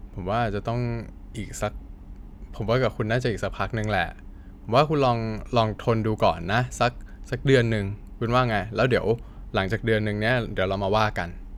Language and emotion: Thai, neutral